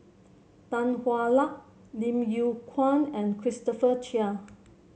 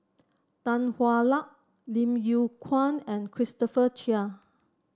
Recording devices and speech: mobile phone (Samsung C7), standing microphone (AKG C214), read sentence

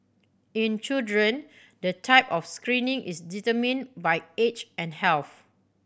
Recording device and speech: boundary microphone (BM630), read sentence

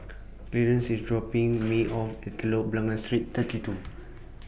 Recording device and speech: boundary microphone (BM630), read sentence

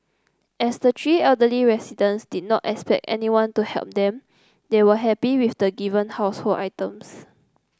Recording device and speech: close-talking microphone (WH30), read sentence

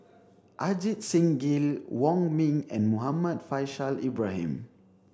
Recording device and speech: standing microphone (AKG C214), read sentence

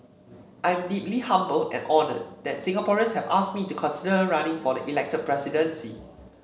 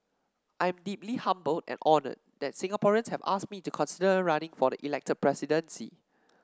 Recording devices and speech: mobile phone (Samsung C7), standing microphone (AKG C214), read sentence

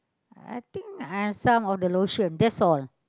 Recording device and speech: close-talking microphone, conversation in the same room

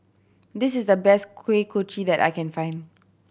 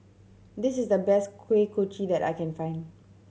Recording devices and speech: boundary microphone (BM630), mobile phone (Samsung C7100), read sentence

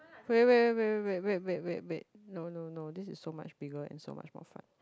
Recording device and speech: close-talking microphone, conversation in the same room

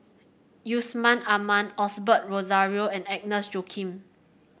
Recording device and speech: boundary microphone (BM630), read sentence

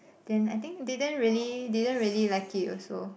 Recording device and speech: boundary microphone, conversation in the same room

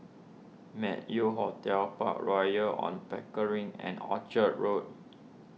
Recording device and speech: mobile phone (iPhone 6), read sentence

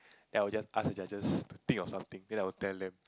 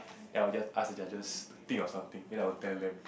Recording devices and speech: close-talking microphone, boundary microphone, conversation in the same room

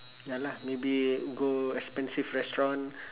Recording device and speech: telephone, conversation in separate rooms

